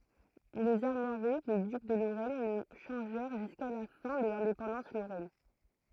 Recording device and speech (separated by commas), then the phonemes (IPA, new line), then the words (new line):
throat microphone, read sentence
lez aʁmwaʁi de dyk də loʁɛn nə ʃɑ̃ʒɛʁ ʒyska la fɛ̃ də lɛ̃depɑ̃dɑ̃s loʁɛn
Les armoiries des ducs de Lorraine ne changèrent jusqu'à la fin de l'indépendance lorraine.